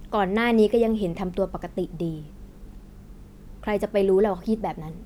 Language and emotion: Thai, neutral